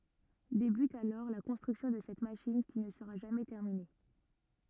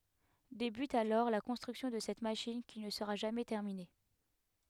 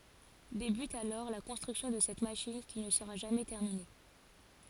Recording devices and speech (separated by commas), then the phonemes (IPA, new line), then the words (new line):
rigid in-ear microphone, headset microphone, forehead accelerometer, read sentence
debyt alɔʁ la kɔ̃stʁyksjɔ̃ də sɛt maʃin ki nə səʁa ʒamɛ tɛʁmine
Débute alors la construction de cette machine qui ne sera jamais terminée.